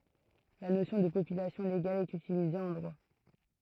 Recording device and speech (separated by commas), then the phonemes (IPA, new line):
throat microphone, read sentence
la nosjɔ̃ də popylasjɔ̃ leɡal ɛt ytilize ɑ̃ dʁwa